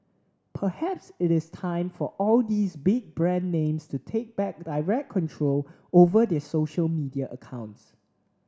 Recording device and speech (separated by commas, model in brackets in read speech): standing microphone (AKG C214), read sentence